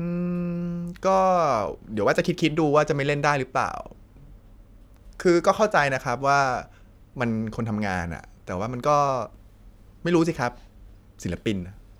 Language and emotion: Thai, frustrated